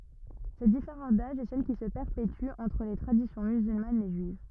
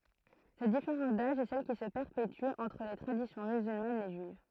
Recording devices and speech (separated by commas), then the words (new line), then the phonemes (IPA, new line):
rigid in-ear microphone, throat microphone, read sentence
Cette différence d’âge est celle qui se perpétue entre les traditions musulmanes et juives.
sɛt difeʁɑ̃s daʒ ɛ sɛl ki sə pɛʁpety ɑ̃tʁ le tʁadisjɔ̃ myzylmanz e ʒyiv